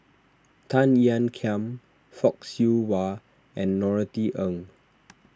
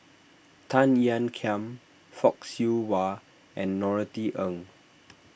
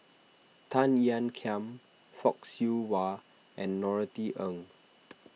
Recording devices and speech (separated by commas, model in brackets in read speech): standing microphone (AKG C214), boundary microphone (BM630), mobile phone (iPhone 6), read sentence